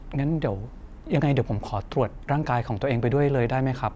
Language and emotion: Thai, neutral